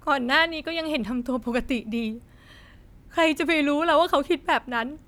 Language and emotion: Thai, sad